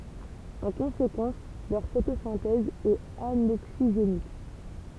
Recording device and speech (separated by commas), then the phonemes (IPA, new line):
temple vibration pickup, read sentence
ɑ̃ kɔ̃sekɑ̃s lœʁ fotosɛ̃tɛz ɛt anoksiʒenik